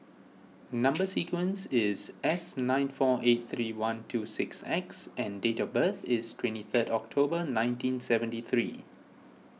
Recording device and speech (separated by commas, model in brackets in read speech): mobile phone (iPhone 6), read sentence